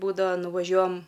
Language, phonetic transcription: Lithuanian, ˈbūdava nuvaˈžiuojam

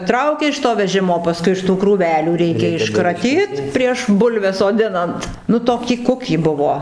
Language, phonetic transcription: Lithuanian, ˈtraukia iš to veˈžimo paˈskui iš tų krūˈvelių ˈreikia iškraˈtyt prieš ˈbulves soˈdinant ˈnu ˈtokį ˈkukį ˈbuvo

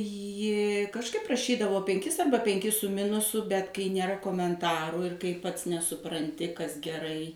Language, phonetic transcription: Lithuanian, ˈji kažˈkaip raˈšydavo penˈkis ˈarba penˈkis su ˈminusu bet kai nėˈra komenˈtaru ir kai pats nesupranˈti kas geˈrai

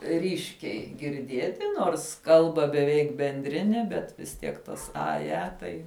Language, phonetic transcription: Lithuanian, ˈryškiai girˈdieti ˈnors ˈkalba beˈveik benˈdrine bet vis ˈtiek tas ˈa ˈja ˈtai

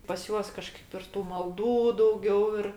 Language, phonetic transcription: Lithuanian, pas ˈjuos kaˈžkaip ir ˈtų malˈdų dauˈgiau ir

